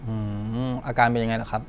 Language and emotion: Thai, neutral